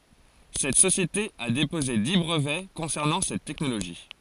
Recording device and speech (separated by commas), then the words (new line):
forehead accelerometer, read sentence
Cette société a déposé dix brevets concernant cette technologie.